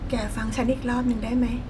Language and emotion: Thai, sad